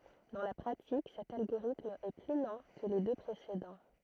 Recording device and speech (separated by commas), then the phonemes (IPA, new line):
throat microphone, read sentence
dɑ̃ la pʁatik sɛt alɡoʁitm ɛ ply lɑ̃ kə le dø pʁesedɑ̃